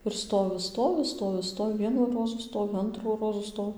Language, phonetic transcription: Lithuanian, ir ˈstovi ˈstovi ˈstovi ˈstovi ˈvienų ˈrozų ˈstovi ˈantrų ˈrozų ˈsto

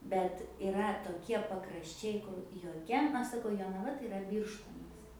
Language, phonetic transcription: Lithuanian, bet iˈra toˈkie pakrašˈčiai kur joˈkia ˈaš saˈkau jonaˈva tai iˈra ˈbyrštonas

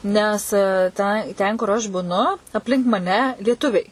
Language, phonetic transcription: Lithuanian, ˈnes ˈta ˈten kur ˈaš buˈnu apˈlink maˈne lieˈtuviai

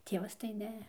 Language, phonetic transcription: Lithuanian, ˈtievas tai ˈne

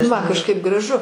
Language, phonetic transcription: Lithuanian, ˈman kažˈkaip graˈžu

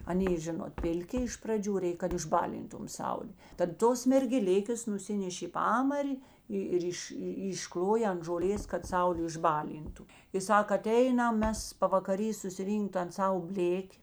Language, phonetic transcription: Lithuanian, aˈnė ˈžinot ˈpilˌki iš praˈdžių ˈreik išˈbalintum ˈsaulė tad ˈtos mergeˈlikės nuˈsineš' i ˈpamari ˈi ir ˈiš išˈkloja ant žoˈlės kad ˈsaulė išˈbaˌlyntu i ˈsak aˈteinam ˈmes pavakaˈry susiˈrynkt tan ˈsavo ˈblėki

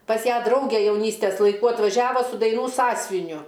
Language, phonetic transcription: Lithuanian, pas ˈją ˈdraugė jauˈnystes laiˈkų atvaˈžiavo su daiˈnų ˈsąsviniu

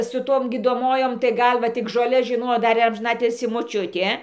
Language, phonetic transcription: Lithuanian, su ˈtom gydoˈmojom tai ˈgal va ˈtik žoˈles žiˈnojo ˈdar ir amžiˈnatilsį moˈčiutė

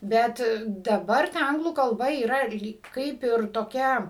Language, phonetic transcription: Lithuanian, ˈbet daˈbar ta ˈanglų kalˈba yˈra ir ˈlyk ˈkaip ir toˈkia

